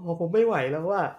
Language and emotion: Thai, frustrated